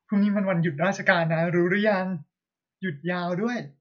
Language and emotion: Thai, happy